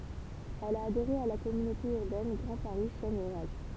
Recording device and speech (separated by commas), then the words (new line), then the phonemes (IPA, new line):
temple vibration pickup, read sentence
Elle a adhéré à la Communauté urbaine Grand Paris Seine et Oise.
ɛl a adeʁe a la kɔmynote yʁbɛn ɡʁɑ̃ paʁi sɛn e waz